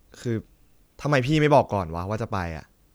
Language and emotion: Thai, frustrated